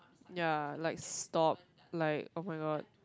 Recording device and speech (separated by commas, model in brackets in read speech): close-talking microphone, conversation in the same room